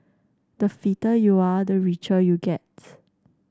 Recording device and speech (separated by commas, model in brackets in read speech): standing microphone (AKG C214), read sentence